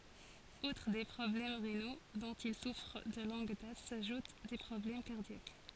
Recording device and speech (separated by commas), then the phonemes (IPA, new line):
forehead accelerometer, read sentence
utʁ de pʁɔblɛm ʁeno dɔ̃t il sufʁ də lɔ̃ɡ dat saʒut de pʁɔblɛm kaʁdjak